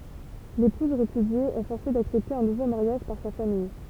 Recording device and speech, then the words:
temple vibration pickup, read sentence
L'épouse répudiée est forcée d'accepter un nouveau mariage par sa famille.

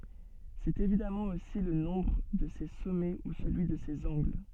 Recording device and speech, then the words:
soft in-ear microphone, read sentence
C'est évidemment aussi le nombre de ses sommets ou celui de ses angles.

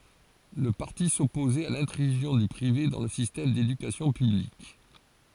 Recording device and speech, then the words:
forehead accelerometer, read sentence
Le parti s'opposait à l'intrusion du privé dans le système d'éducation publique.

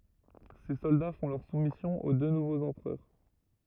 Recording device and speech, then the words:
rigid in-ear microphone, read sentence
Ses soldats font leur soumission aux deux nouveaux empereurs.

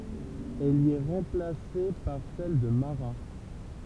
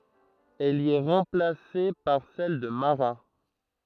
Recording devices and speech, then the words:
temple vibration pickup, throat microphone, read sentence
Elle y est remplacée par celle de Marat.

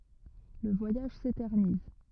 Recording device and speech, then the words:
rigid in-ear microphone, read sentence
Le voyage s'éternise.

